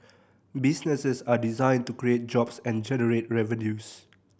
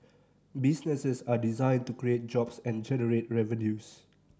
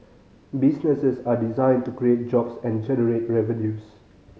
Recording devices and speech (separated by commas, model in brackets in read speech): boundary microphone (BM630), standing microphone (AKG C214), mobile phone (Samsung C5010), read sentence